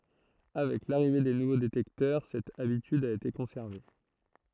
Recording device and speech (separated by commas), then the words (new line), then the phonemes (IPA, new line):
throat microphone, read sentence
Avec l'arrivée des nouveaux détecteurs, cette habitude a été conservée.
avɛk laʁive de nuvo detɛktœʁ sɛt abityd a ete kɔ̃sɛʁve